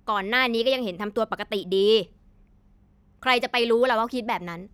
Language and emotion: Thai, frustrated